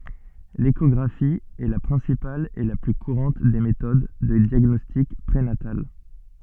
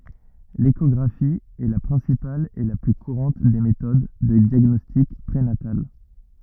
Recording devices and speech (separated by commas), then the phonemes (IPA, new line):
soft in-ear microphone, rigid in-ear microphone, read sentence
leʃɔɡʁafi ɛ la pʁɛ̃sipal e la ply kuʁɑ̃t de metod də djaɡnɔstik pʁenatal